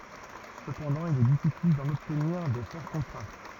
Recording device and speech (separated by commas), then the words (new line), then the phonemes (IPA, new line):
rigid in-ear microphone, read sentence
Cependant, il est difficile d'en obtenir des forts contrastes.
səpɑ̃dɑ̃ il ɛ difisil dɑ̃n ɔbtniʁ de fɔʁ kɔ̃tʁast